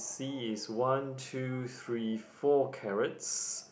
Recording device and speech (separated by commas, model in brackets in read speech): boundary microphone, conversation in the same room